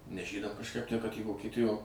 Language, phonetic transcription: Lithuanian, nes ˈžydam kažˈkaip tę kad į vokieˈtijo

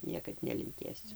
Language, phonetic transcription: Lithuanian, ˈniekad nelinˈkėsiu

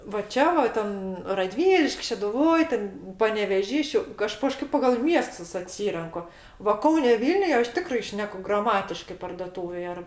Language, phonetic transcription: Lithuanian, va ˈčia va ˈten raˈdvyliš'k' šeduˈvoj ten paneveˈžy ˈšiau ˈaš kaˈžkaip pagal ˈmiestus aˈtsyrenku va ˈkaune ˈvylniuj ˈaš ˈtikrai ˈšneku graˈmatiškɜ pardoˈtūvėj ar

